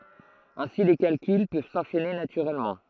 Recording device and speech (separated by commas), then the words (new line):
throat microphone, read sentence
Ainsi les calculs peuvent s'enchaîner naturellement.